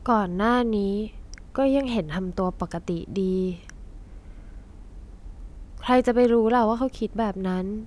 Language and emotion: Thai, frustrated